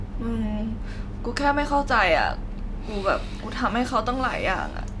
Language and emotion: Thai, sad